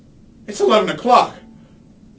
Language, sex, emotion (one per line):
English
male
fearful